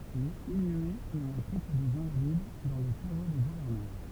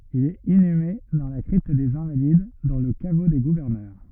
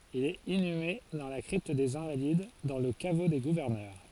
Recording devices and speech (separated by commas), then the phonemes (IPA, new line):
temple vibration pickup, rigid in-ear microphone, forehead accelerometer, read sentence
il ɛt inyme dɑ̃ la kʁipt dez ɛ̃valid dɑ̃ lə kavo de ɡuvɛʁnœʁ